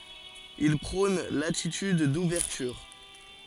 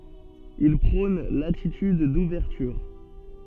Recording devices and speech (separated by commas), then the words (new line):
forehead accelerometer, soft in-ear microphone, read sentence
Il prône l'attitude d'ouverture.